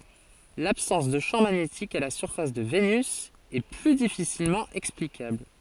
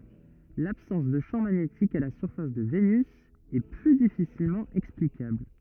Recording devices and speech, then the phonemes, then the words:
forehead accelerometer, rigid in-ear microphone, read sentence
labsɑ̃s də ʃɑ̃ maɲetik a la syʁfas də venys ɛ ply difisilmɑ̃ ɛksplikabl
L'absence de champ magnétique à la surface de Vénus est plus difficilement explicable.

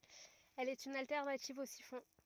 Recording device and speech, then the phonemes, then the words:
rigid in-ear microphone, read sentence
ɛl ɛt yn altɛʁnativ o sifɔ̃
Elle est une alternative au siphon.

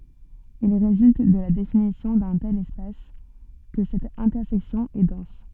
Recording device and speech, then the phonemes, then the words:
soft in-ear microphone, read sentence
il ʁezylt də la definisjɔ̃ dœ̃ tɛl ɛspas kə sɛt ɛ̃tɛʁsɛksjɔ̃ ɛ dɑ̃s
Il résulte de la définition d'un tel espace que cette intersection est dense.

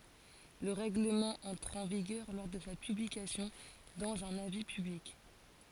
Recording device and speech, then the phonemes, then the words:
forehead accelerometer, read sentence
lə ʁɛɡləmɑ̃ ɑ̃tʁ ɑ̃ viɡœʁ lɔʁ də sa pyblikasjɔ̃ dɑ̃z œ̃n avi pyblik
Le règlement entre en vigueur lors de sa publication dans un avis public.

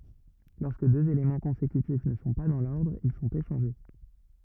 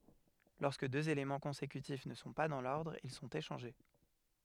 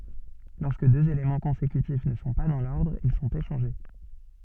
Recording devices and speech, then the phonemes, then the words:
rigid in-ear microphone, headset microphone, soft in-ear microphone, read sentence
lɔʁskə døz elemɑ̃ kɔ̃sekytif nə sɔ̃ pa dɑ̃ lɔʁdʁ il sɔ̃t eʃɑ̃ʒe
Lorsque deux éléments consécutifs ne sont pas dans l'ordre, ils sont échangés.

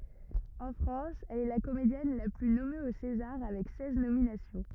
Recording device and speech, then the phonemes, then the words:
rigid in-ear microphone, read sentence
ɑ̃ fʁɑ̃s ɛl ɛ la komedjɛn la ply nɔme o sezaʁ avɛk sɛz nominasjɔ̃
En France, elle est la comédienne la plus nommée aux Césars avec seize nominations.

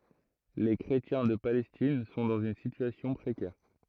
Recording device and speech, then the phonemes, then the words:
throat microphone, read sentence
le kʁetjɛ̃ də palɛstin sɔ̃ dɑ̃z yn sityasjɔ̃ pʁekɛʁ
Les chrétiens de Palestine sont dans une situation précaire.

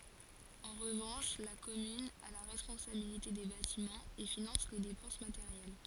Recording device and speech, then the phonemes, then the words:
forehead accelerometer, read sentence
ɑ̃ ʁəvɑ̃ʃ la kɔmyn a la ʁɛspɔ̃sabilite de batimɑ̃z e finɑ̃s le depɑ̃s mateʁjɛl
En revanche, la commune a la responsabilité des bâtiments, et finance les dépenses matérielles.

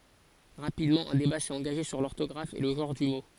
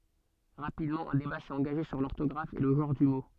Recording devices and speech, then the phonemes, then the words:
forehead accelerometer, soft in-ear microphone, read sentence
ʁapidmɑ̃ œ̃ deba sɛt ɑ̃ɡaʒe syʁ lɔʁtɔɡʁaf e lə ʒɑ̃ʁ dy mo
Rapidement, un débat s'est engagé sur l'orthographe et le genre du mot.

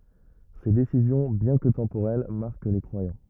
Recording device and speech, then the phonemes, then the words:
rigid in-ear microphone, read sentence
se desizjɔ̃ bjɛ̃ kə tɑ̃poʁɛl maʁk le kʁwajɑ̃
Ses décisions bien que temporelles marquent les croyants.

